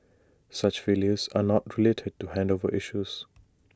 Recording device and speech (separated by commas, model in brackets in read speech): standing microphone (AKG C214), read sentence